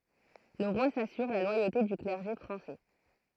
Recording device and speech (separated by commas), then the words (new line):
throat microphone, read sentence
Le roi s'assure la loyauté du clergé français.